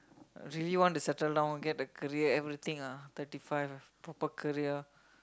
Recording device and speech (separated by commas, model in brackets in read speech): close-talking microphone, conversation in the same room